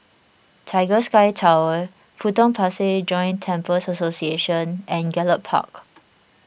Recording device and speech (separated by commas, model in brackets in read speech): boundary microphone (BM630), read sentence